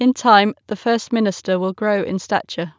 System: none